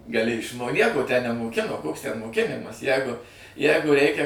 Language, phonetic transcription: Lithuanian, gaˈli išˈmo ˈnieko tę nemoˈkino koks ten moˈkinimas ˈjegu ˈjegu ˈreikia

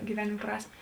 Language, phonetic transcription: Lithuanian, giˈvenėm ˈprasmė

